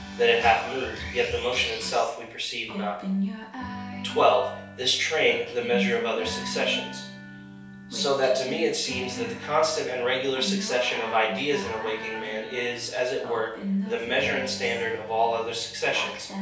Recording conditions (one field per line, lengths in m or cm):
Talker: one person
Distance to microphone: 3.0 m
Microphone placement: far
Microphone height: 1.8 m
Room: small (3.7 m by 2.7 m)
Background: music